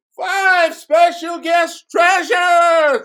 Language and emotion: English, happy